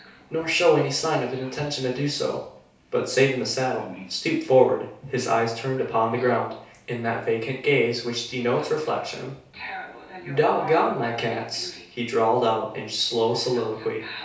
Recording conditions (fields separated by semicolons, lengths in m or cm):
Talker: one person; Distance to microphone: 3.0 m; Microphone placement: far; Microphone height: 1.8 m; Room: small (3.7 m by 2.7 m); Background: television